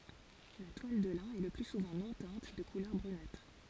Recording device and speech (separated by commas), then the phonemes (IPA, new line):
forehead accelerometer, read sentence
la twal də lɛ̃ ɛ lə ply suvɑ̃ nɔ̃ tɛ̃t də kulœʁ bʁynatʁ